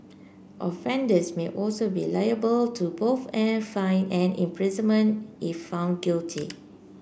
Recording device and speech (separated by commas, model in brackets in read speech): boundary microphone (BM630), read sentence